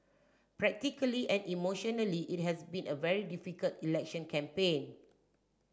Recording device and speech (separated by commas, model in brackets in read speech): standing microphone (AKG C214), read sentence